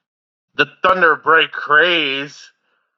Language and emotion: English, disgusted